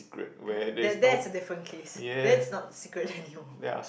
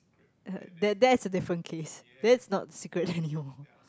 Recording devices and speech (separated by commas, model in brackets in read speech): boundary microphone, close-talking microphone, conversation in the same room